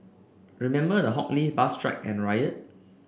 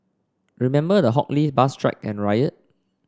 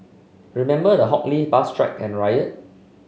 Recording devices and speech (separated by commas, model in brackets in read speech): boundary microphone (BM630), standing microphone (AKG C214), mobile phone (Samsung C5), read sentence